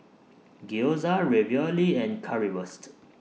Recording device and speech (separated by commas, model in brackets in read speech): mobile phone (iPhone 6), read sentence